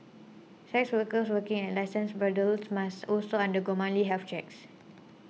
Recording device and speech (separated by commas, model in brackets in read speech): mobile phone (iPhone 6), read sentence